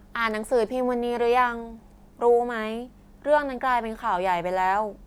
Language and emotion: Thai, frustrated